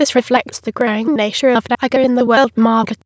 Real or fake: fake